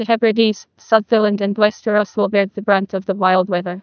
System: TTS, neural waveform model